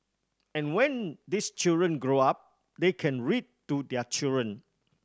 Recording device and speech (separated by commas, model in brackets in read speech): standing microphone (AKG C214), read sentence